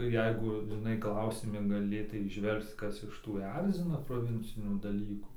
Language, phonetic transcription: Lithuanian, ˈjeigu žiˈnai ˈklausimi gaˈlėtai įˈžvelgc ˈkas iš ˈtų ˈerzina proˈvincinių daˈlykų

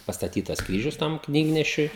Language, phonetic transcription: Lithuanian, pastaˈtytas ˈkryžius ˈtam ˈknygnešiui

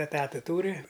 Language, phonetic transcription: Lithuanian, eˈtata ˈtūri

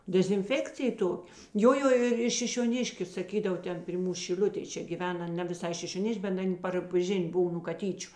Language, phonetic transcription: Lithuanian, dezinˈfekcija ˈtok' ˈjo ˈjo ir ir šišioˈniškiu saˈkydavo ˈten pri ˈmūs šiˈl'utėj ˈčia gyˈven ˈan ne viˈsai šišioˈniš'k' bet ˈan' par ˈžin' ˈbuv nū kaˈtyčiu

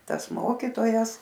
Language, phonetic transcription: Lithuanian, ˈtas ˈmokytojas

